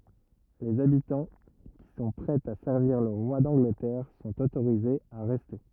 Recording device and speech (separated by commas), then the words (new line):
rigid in-ear microphone, read sentence
Les habitants qui sont prêts à servir le roi d'Angleterre sont autorisés à rester.